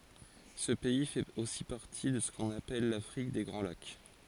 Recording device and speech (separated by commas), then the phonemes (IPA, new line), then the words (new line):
forehead accelerometer, read sentence
sə pɛi fɛt osi paʁti də sə kɔ̃n apɛl lafʁik de ɡʁɑ̃ lak
Ce pays fait aussi partie de ce qu'on appelle l'Afrique des grands lacs.